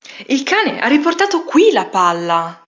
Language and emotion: Italian, surprised